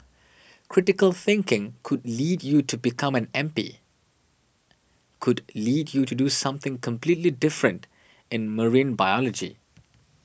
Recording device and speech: boundary microphone (BM630), read sentence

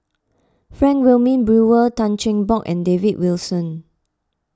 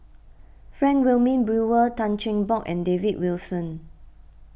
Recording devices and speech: close-talking microphone (WH20), boundary microphone (BM630), read sentence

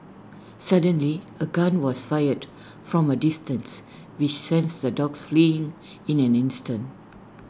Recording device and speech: standing microphone (AKG C214), read sentence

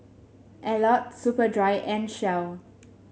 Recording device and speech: mobile phone (Samsung S8), read sentence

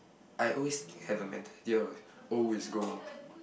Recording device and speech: boundary microphone, conversation in the same room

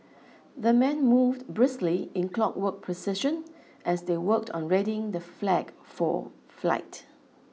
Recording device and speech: mobile phone (iPhone 6), read sentence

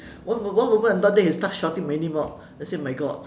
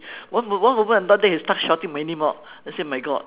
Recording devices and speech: standing microphone, telephone, conversation in separate rooms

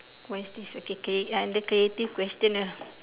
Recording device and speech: telephone, conversation in separate rooms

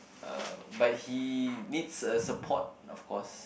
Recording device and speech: boundary microphone, conversation in the same room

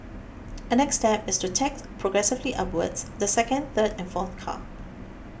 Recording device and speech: boundary microphone (BM630), read sentence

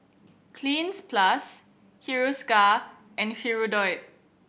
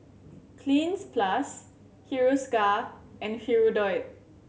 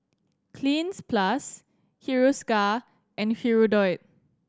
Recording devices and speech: boundary microphone (BM630), mobile phone (Samsung C7100), standing microphone (AKG C214), read sentence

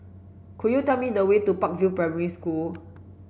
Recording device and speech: boundary microphone (BM630), read sentence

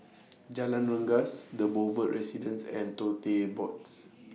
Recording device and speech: mobile phone (iPhone 6), read sentence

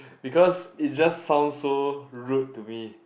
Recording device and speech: boundary microphone, conversation in the same room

